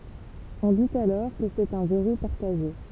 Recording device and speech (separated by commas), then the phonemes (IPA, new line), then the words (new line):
temple vibration pickup, read sentence
ɔ̃ dit alɔʁ kə sɛt œ̃ vɛʁu paʁtaʒe
On dit alors que c'est un verrou partagé.